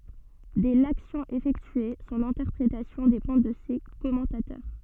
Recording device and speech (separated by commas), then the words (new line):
soft in-ear microphone, read sentence
Dès l'action effectuée, son interprétation dépend de ses commentateurs.